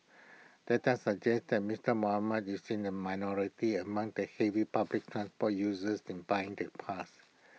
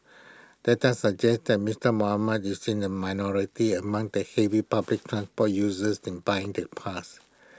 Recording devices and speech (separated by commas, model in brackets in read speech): mobile phone (iPhone 6), close-talking microphone (WH20), read sentence